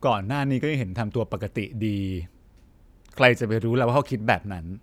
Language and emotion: Thai, frustrated